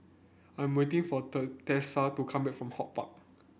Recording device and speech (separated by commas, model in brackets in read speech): boundary microphone (BM630), read sentence